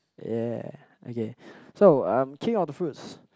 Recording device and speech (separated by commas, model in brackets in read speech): close-talking microphone, conversation in the same room